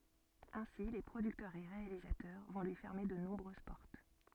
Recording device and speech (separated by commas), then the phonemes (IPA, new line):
soft in-ear microphone, read sentence
ɛ̃si le pʁodyktœʁz e ʁealizatœʁ vɔ̃ lyi fɛʁme də nɔ̃bʁøz pɔʁt